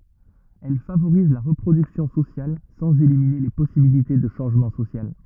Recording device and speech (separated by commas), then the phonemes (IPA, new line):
rigid in-ear microphone, read sentence
ɛl favoʁiz la ʁəpʁodyksjɔ̃ sosjal sɑ̃z elimine le pɔsibilite də ʃɑ̃ʒmɑ̃ sosjal